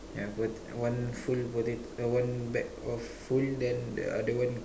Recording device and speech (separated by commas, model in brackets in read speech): standing microphone, conversation in separate rooms